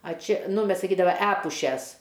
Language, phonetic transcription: Lithuanian, a ˈčia ˈnu ˈmes saˈkydava ˈepušes

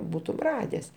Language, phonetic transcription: Lithuanian, ˈbūtum ˈrades

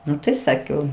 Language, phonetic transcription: Lithuanian, ˈnu tai ˈsakiau

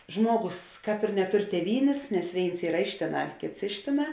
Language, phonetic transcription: Lithuanian, ˈžmuoˌgus ˈkāp ir neˈtur tėˈvynės nes ˈvėins ˈyra ˈiš tėˌnā ˈkėts ˈiš tėˌnā

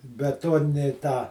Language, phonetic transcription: Lithuanian, beˈtuonini ˈtą

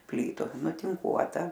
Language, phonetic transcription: Lithuanian, ˈplytu nutinˈkuota

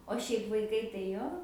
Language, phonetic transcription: Lithuanian, o ˈšiaip vaiˈkai tai ˈjo

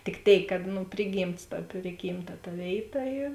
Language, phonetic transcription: Lithuanian, tik ˈtėik kad ˈnu ˈpriˌgymts ta ˈprigymˌta ta ˈvėiˌta ˈyr

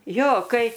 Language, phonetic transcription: Lithuanian, ˈjo ˈkai

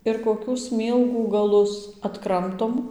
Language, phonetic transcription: Lithuanian, ir koˈkių ˈsmylgų gaˈlus atˈkramtom

